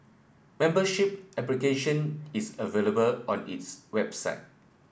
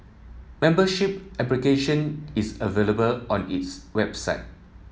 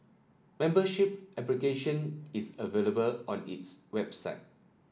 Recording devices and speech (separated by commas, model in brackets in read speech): boundary microphone (BM630), mobile phone (iPhone 7), standing microphone (AKG C214), read sentence